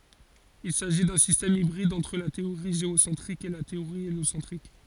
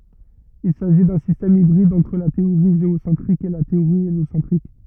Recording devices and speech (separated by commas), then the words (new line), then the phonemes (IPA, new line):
forehead accelerometer, rigid in-ear microphone, read sentence
Il s'agit d'un système hybride entre la théorie géocentrique et la théorie héliocentrique.
il saʒi dœ̃ sistɛm ibʁid ɑ̃tʁ la teoʁi ʒeosɑ̃tʁik e la teoʁi eljosɑ̃tʁik